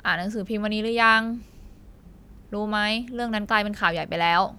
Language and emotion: Thai, frustrated